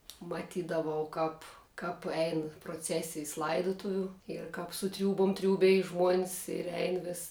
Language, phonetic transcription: Lithuanian, maˈtydavau ˈkap kap ˈein proˈcesijs ˈlaidutuviu ir kap su ˈtriūbum ˈtriūbej žmuon's ir ˈein vis

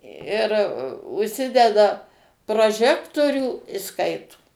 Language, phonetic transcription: Lithuanian, ir užˈsideda proˈžektorių i ˈskaito

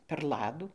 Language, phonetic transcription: Lithuanian, per ˈladų

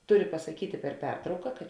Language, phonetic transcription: Lithuanian, ˈturi pasaˈkytė per ˈpertrauka kad

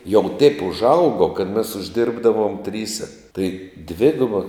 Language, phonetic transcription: Lithuanian, jau teip užˈaugo kad mes užˈdirbdavom ˈtryse tai ˈdviguba

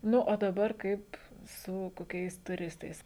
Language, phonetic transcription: Lithuanian, ˈnu o daˈbar ˈkaip su koˈkiais tuˈristais

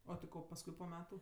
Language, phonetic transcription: Lithuanian, o ti ˈko pasˈkui po ˈmetu

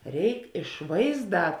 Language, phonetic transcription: Lithuanian, ˈreik iš ˈvaizˌdā

